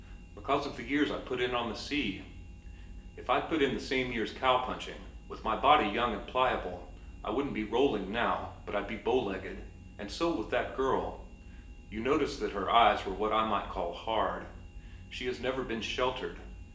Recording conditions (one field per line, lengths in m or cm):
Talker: one person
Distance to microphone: 1.8 m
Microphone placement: close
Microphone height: 1.0 m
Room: large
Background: none